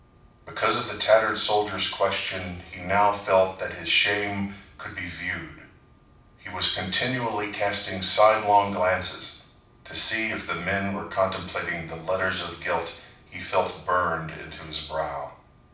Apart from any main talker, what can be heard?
Nothing.